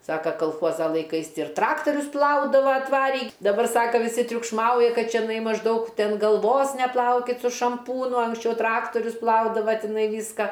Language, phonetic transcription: Lithuanian, ˈsaka kalˈchuoza laiˈkais ir ˈtraktorius ˈplaudava atˈvarį daˈbar ˈsaka viˈsi triukšˈmauja ˈkad čeˈnai mažˈdaug ˈten galˈvos neˈplaukit su šamˈpūnu anksˈčiau ˈtraktorius ˈplaudava tiˈnai ˈvyska

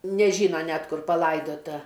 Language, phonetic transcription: Lithuanian, neˈžyna ˈnet ˈkur paˈlaidota

